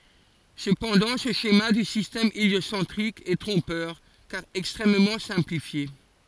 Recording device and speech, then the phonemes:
forehead accelerometer, read sentence
səpɑ̃dɑ̃ sə ʃema dy sistɛm eljosɑ̃tʁik ɛ tʁɔ̃pœʁ kaʁ ɛkstʁɛmmɑ̃ sɛ̃plifje

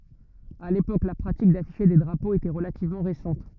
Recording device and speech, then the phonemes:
rigid in-ear microphone, read sentence
a lepok la pʁatik dafiʃe de dʁapoz etɛ ʁəlativmɑ̃ ʁesɑ̃t

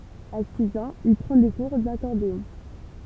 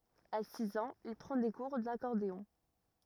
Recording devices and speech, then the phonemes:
temple vibration pickup, rigid in-ear microphone, read sentence
a siz ɑ̃z il pʁɑ̃ de kuʁ dakɔʁdeɔ̃

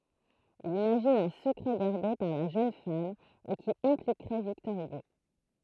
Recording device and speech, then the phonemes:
throat microphone, read sentence
il imaʒin œ̃ səkʁɛ ɡaʁde paʁ la ʒøn fam e ki ɛ̃plikʁɛ viktɔʁ yɡo

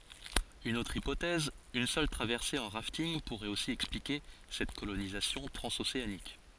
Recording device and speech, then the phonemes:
forehead accelerometer, read sentence
yn otʁ ipotɛz yn sœl tʁavɛʁse ɑ̃ ʁaftinɡ puʁɛt osi ɛksplike sɛt kolonizasjɔ̃ tʁɑ̃zoseanik

